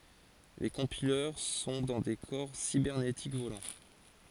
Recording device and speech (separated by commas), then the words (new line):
forehead accelerometer, read sentence
Les Compileurs sont dans des corps cybernétiques volants.